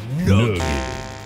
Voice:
Deep voice